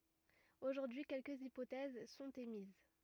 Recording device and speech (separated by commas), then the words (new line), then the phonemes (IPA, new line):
rigid in-ear microphone, read sentence
Aujourd'hui quelques hypothèses sont émises.
oʒuʁdyi kɛlkəz ipotɛz sɔ̃t emiz